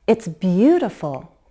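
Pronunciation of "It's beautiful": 'It's beautiful' is said with a rise-fall intonation: the voice rises and then falls.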